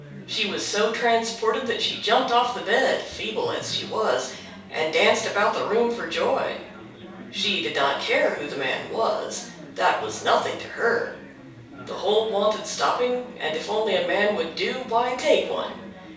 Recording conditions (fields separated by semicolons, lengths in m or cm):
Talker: one person; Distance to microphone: 3.0 m; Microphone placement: far; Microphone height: 1.8 m; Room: small (3.7 m by 2.7 m); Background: babble